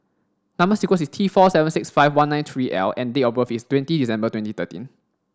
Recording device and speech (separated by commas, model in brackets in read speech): standing microphone (AKG C214), read sentence